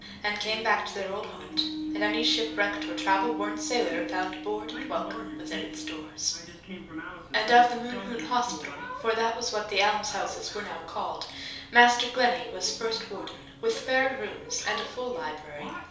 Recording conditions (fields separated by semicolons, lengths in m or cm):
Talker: one person; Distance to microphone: 3.0 m; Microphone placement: far; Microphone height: 1.8 m; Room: small (3.7 m by 2.7 m); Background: television